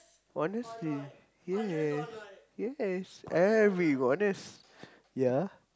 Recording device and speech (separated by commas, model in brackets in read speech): close-talking microphone, conversation in the same room